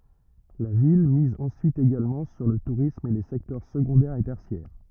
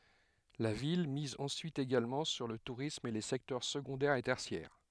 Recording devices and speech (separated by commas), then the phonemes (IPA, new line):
rigid in-ear microphone, headset microphone, read sentence
la vil miz ɑ̃syit eɡalmɑ̃ syʁ lə tuʁism e le sɛktœʁ səɡɔ̃dɛʁ e tɛʁsjɛʁ